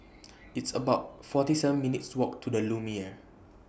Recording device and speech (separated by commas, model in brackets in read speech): boundary microphone (BM630), read sentence